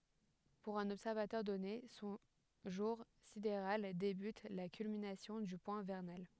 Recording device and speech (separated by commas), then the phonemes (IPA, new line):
headset microphone, read sentence
puʁ œ̃n ɔbsɛʁvatœʁ dɔne sɔ̃ ʒuʁ sideʁal debyt a la kylminasjɔ̃ dy pwɛ̃ vɛʁnal